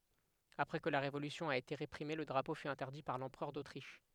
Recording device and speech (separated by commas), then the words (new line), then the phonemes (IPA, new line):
headset microphone, read sentence
Après que la révolution a été réprimée, le drapeau fut interdit par l'Empereur d'Autriche.
apʁɛ kə la ʁevolysjɔ̃ a ete ʁepʁime lə dʁapo fy ɛ̃tɛʁdi paʁ lɑ̃pʁœʁ dotʁiʃ